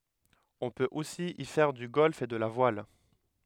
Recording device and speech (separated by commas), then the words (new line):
headset microphone, read sentence
On peut aussi y faire du golf et de la voile.